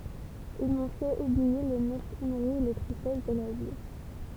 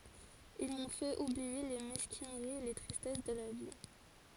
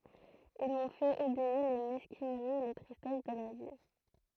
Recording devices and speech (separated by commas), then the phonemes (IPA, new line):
temple vibration pickup, forehead accelerometer, throat microphone, read sentence
il mɔ̃ fɛt ublie le mɛskinəʁiz e le tʁistɛs də la vi